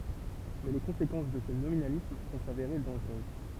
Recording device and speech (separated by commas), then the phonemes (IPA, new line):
temple vibration pickup, read sentence
mɛ le kɔ̃sekɑ̃s də sə nominalism vɔ̃ saveʁe dɑ̃ʒʁøz